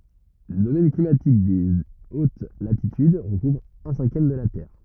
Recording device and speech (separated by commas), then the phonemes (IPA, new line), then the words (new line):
rigid in-ear microphone, read sentence
lə domɛn klimatik de ot latityd ʁəkuvʁ œ̃ sɛ̃kjɛm də la tɛʁ
Le domaine climatique des hautes latitudes recouvre un cinquième de la Terre.